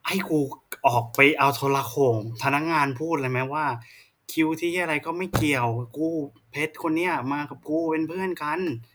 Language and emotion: Thai, frustrated